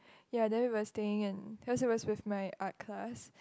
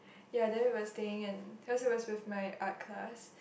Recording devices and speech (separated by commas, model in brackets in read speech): close-talking microphone, boundary microphone, conversation in the same room